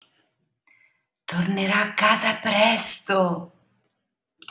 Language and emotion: Italian, surprised